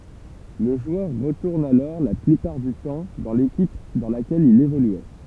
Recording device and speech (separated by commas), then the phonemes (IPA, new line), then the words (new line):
temple vibration pickup, read sentence
lə ʒwœʁ ʁətuʁn alɔʁ la plypaʁ dy tɑ̃ dɑ̃ lekip dɑ̃ lakɛl il evolyɛ
Le joueur retourne alors la plupart du temps dans l’équipe dans laquelle il évoluait.